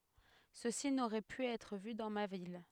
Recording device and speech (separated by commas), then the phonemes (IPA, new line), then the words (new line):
headset microphone, read sentence
səsi noʁɛ py ɛtʁ vy dɑ̃ ma vil
Ceci n'aurait pu être vu dans ma ville.